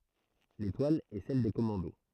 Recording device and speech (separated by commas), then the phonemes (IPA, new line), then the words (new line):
throat microphone, read sentence
letwal ɛ sɛl de kɔmɑ̃do
L'étoile est celle des commandos.